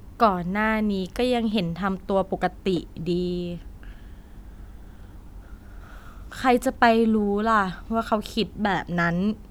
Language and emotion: Thai, frustrated